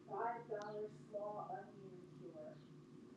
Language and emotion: English, neutral